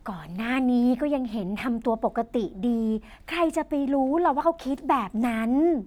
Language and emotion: Thai, happy